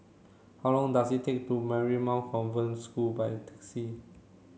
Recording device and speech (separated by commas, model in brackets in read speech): mobile phone (Samsung C7), read sentence